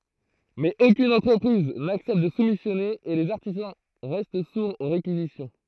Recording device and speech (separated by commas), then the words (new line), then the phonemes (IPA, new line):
throat microphone, read sentence
Mais aucune entreprise n’accepte de soumissionner et les artisans restent sourds aux réquisitions.
mɛz okyn ɑ̃tʁəpʁiz naksɛpt də sumisjɔne e lez aʁtizɑ̃ ʁɛst suʁz o ʁekizisjɔ̃